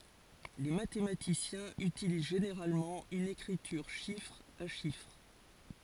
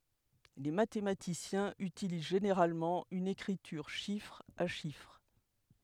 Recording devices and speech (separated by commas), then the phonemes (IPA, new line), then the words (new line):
forehead accelerometer, headset microphone, read sentence
le matematisjɛ̃z ytiliz ʒeneʁalmɑ̃ yn ekʁityʁ ʃifʁ a ʃifʁ
Les mathématiciens utilisent généralement une écriture chiffre à chiffre.